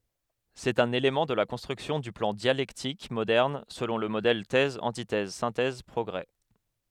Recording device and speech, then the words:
headset microphone, read sentence
C'est un élément de la construction du plan dialectique moderne selon le modèle Thèse-antithèse-synthèse-progrés.

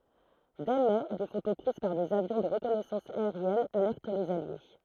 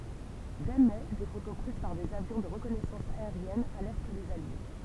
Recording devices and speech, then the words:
throat microphone, temple vibration pickup, read sentence
Dès mai des photos prises par des avions de reconnaissance aérienne alertent les alliés.

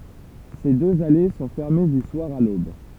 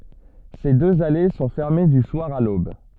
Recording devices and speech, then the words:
temple vibration pickup, soft in-ear microphone, read sentence
Ces deux allées sont fermées du soir à l'aube.

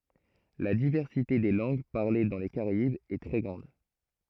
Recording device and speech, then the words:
throat microphone, read sentence
La diversité des langues parlées dans les Caraïbes est très grande.

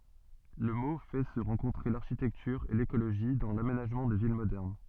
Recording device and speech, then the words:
soft in-ear microphone, read sentence
Le mot fait se rencontrer l'architecture et l'écologie dans l'aménagement des villes modernes.

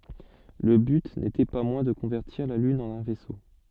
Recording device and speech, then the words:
soft in-ear microphone, read sentence
Le but n'était pas moins de convertir la lune en un vaisseau.

